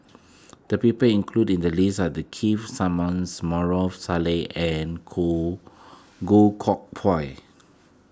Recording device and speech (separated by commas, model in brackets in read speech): close-talking microphone (WH20), read sentence